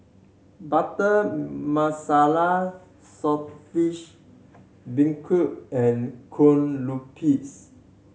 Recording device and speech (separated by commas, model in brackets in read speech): mobile phone (Samsung C7100), read sentence